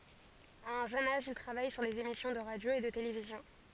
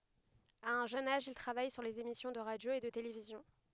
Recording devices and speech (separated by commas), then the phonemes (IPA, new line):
forehead accelerometer, headset microphone, read sentence
a œ̃ ʒøn aʒ il tʁavaj syʁ lez emisjɔ̃ də ʁadjo e də televizjɔ̃